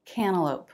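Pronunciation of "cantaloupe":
In 'cantaloupe', the T is not pronounced. After the N it is dropped, so only the N is heard.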